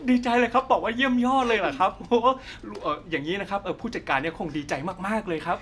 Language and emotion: Thai, happy